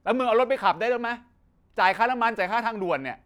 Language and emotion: Thai, angry